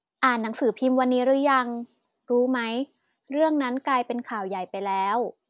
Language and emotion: Thai, neutral